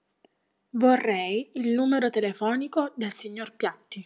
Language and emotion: Italian, neutral